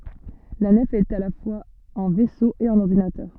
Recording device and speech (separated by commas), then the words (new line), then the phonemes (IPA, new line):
soft in-ear microphone, read sentence
La nef est à la fois un vaisseau et un ordinateur.
la nɛf ɛt a la fwaz œ̃ vɛso e œ̃n ɔʁdinatœʁ